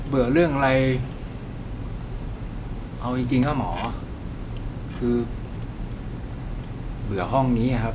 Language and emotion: Thai, frustrated